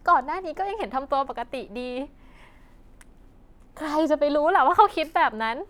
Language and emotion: Thai, happy